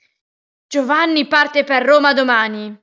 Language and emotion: Italian, angry